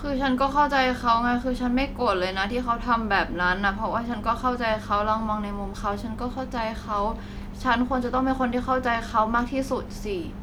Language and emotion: Thai, frustrated